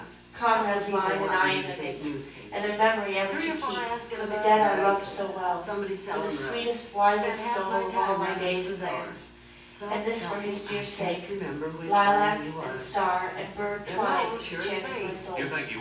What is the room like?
A spacious room.